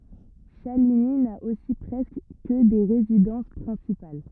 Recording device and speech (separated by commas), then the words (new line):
rigid in-ear microphone, read sentence
Chaligny n'a aussi presque que des résidences principales.